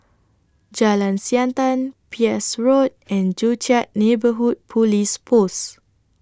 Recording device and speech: standing microphone (AKG C214), read sentence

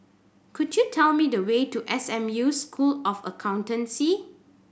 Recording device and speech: boundary microphone (BM630), read sentence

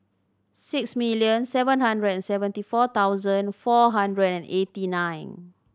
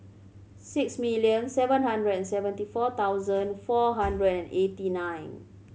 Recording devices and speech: standing microphone (AKG C214), mobile phone (Samsung C7100), read sentence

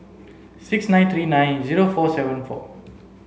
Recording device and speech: mobile phone (Samsung C7), read sentence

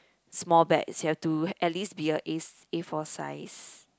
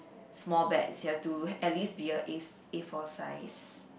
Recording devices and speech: close-talking microphone, boundary microphone, conversation in the same room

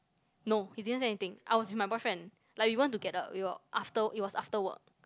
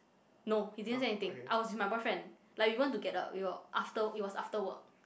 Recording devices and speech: close-talking microphone, boundary microphone, conversation in the same room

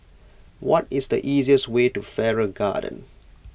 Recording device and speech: boundary microphone (BM630), read sentence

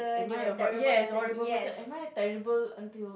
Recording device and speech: boundary microphone, conversation in the same room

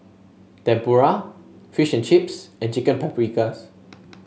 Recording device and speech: mobile phone (Samsung S8), read sentence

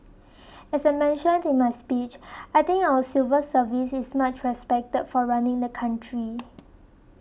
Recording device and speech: boundary microphone (BM630), read sentence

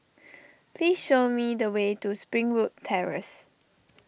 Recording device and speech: boundary microphone (BM630), read sentence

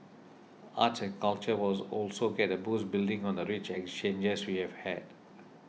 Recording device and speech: mobile phone (iPhone 6), read sentence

